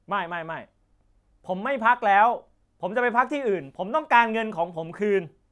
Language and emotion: Thai, angry